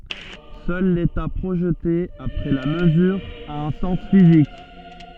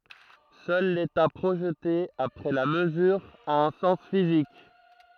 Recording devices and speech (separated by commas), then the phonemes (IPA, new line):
soft in-ear microphone, throat microphone, read sentence
sœl leta pʁoʒte apʁɛ la məzyʁ a œ̃ sɑ̃s fizik